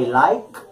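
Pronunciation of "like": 'Like' is pronounced correctly here, with no extra syllable added at the end: it is not 'likey'.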